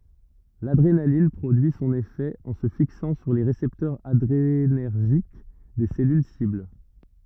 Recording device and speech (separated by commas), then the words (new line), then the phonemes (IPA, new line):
rigid in-ear microphone, read sentence
L’adrénaline produit son effet en se fixant sur les récepteurs adrénergiques des cellules cibles.
ladʁenalin pʁodyi sɔ̃n efɛ ɑ̃ sə fiksɑ̃ syʁ le ʁesɛptœʁz adʁenɛʁʒik de sɛlyl sibl